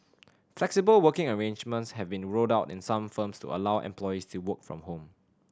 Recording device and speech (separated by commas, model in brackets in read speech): standing microphone (AKG C214), read sentence